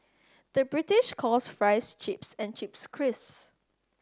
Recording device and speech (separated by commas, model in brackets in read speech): standing microphone (AKG C214), read sentence